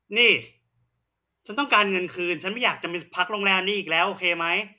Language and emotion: Thai, angry